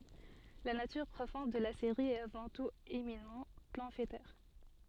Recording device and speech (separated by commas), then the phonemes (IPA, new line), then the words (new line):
soft in-ear microphone, read sentence
la natyʁ pʁofɔ̃d də la seʁi ɛt avɑ̃ tut eminamɑ̃ pɑ̃fletɛʁ
La nature profonde de la série est avant tout éminemment pamphlétaire.